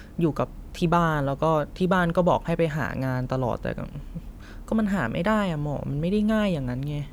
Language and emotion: Thai, frustrated